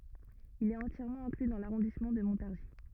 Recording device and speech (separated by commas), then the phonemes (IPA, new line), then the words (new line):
rigid in-ear microphone, read sentence
il ɛt ɑ̃tjɛʁmɑ̃ ɛ̃kly dɑ̃ laʁɔ̃dismɑ̃ də mɔ̃taʁʒi
Il est entièrement inclus dans l'arrondissement de Montargis.